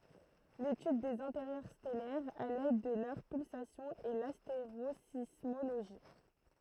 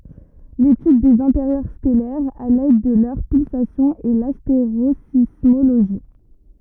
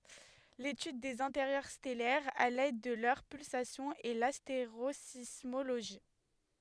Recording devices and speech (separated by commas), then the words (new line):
throat microphone, rigid in-ear microphone, headset microphone, read sentence
L'étude des intérieurs stellaires à l'aide de leurs pulsations est l'astérosismologie.